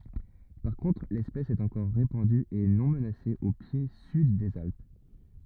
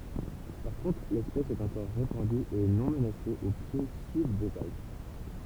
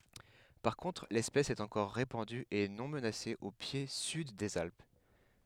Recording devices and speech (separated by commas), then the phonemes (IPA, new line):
rigid in-ear microphone, temple vibration pickup, headset microphone, read sentence
paʁ kɔ̃tʁ lɛspɛs ɛt ɑ̃kɔʁ ʁepɑ̃dy e nɔ̃ mənase o pje syd dez alp